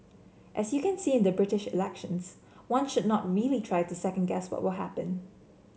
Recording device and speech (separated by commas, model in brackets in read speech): mobile phone (Samsung C7), read sentence